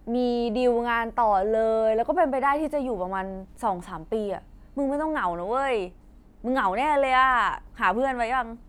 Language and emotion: Thai, frustrated